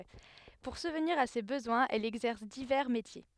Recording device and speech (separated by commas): headset microphone, read sentence